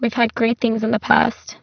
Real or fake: fake